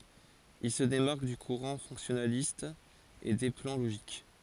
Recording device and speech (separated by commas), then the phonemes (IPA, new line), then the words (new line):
forehead accelerometer, read sentence
il sə demaʁk dy kuʁɑ̃ fɔ̃ksjɔnalist e de plɑ̃ loʒik
Il se démarque du courant fonctionnaliste et des plans logiques.